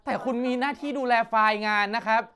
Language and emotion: Thai, angry